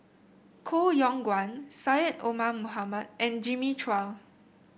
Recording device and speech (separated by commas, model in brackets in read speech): boundary microphone (BM630), read sentence